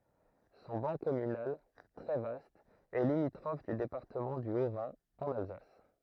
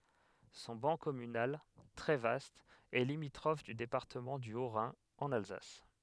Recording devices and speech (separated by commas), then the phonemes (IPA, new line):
throat microphone, headset microphone, read sentence
sɔ̃ bɑ̃ kɔmynal tʁɛ vast ɛ limitʁɔf dy depaʁtəmɑ̃ dy otʁɛ̃ ɑ̃n alzas